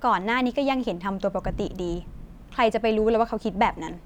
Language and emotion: Thai, frustrated